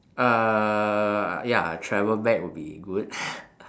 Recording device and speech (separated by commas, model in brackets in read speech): standing microphone, conversation in separate rooms